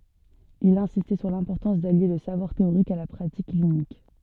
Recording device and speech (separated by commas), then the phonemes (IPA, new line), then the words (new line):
soft in-ear microphone, read sentence
il ɛ̃sistɛ syʁ lɛ̃pɔʁtɑ̃s dalje lə savwaʁ teoʁik a la pʁatik klinik
Il insistait sur l'importance d'allier le savoir théorique à la pratique clinique.